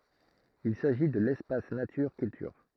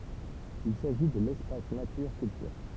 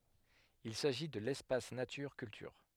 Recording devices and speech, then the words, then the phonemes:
throat microphone, temple vibration pickup, headset microphone, read sentence
Il s'agit de l'Espace Nature Culture.
il saʒi də lɛspas natyʁ kyltyʁ

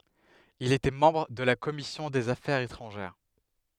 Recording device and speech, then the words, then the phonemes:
headset microphone, read sentence
Il était membre de la commission des affaires étrangères.
il etɛ mɑ̃bʁ də la kɔmisjɔ̃ dez afɛʁz etʁɑ̃ʒɛʁ

